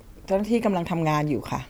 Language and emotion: Thai, neutral